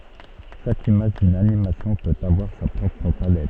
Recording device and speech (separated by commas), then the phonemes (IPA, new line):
soft in-ear microphone, read sentence
ʃak imaʒ dyn animasjɔ̃ pøt avwaʁ sa pʁɔpʁ palɛt